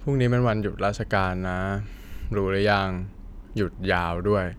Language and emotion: Thai, frustrated